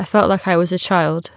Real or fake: real